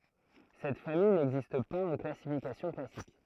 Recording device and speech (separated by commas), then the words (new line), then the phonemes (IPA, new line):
throat microphone, read sentence
Cette famille n'existe pas en classification classique.
sɛt famij nɛɡzist paz ɑ̃ klasifikasjɔ̃ klasik